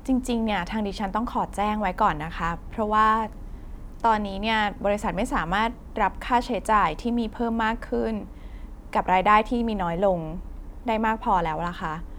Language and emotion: Thai, frustrated